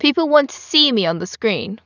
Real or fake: real